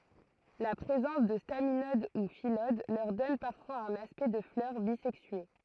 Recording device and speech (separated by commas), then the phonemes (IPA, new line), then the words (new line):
throat microphone, read sentence
la pʁezɑ̃s də staminod u filod lœʁ dɔn paʁfwaz œ̃n aspɛkt də flœʁ bizɛksye
La présence de staminodes ou phyllodes leur donnent parfois un aspect de fleurs bisexuées.